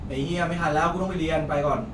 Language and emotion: Thai, neutral